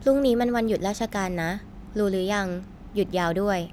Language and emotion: Thai, neutral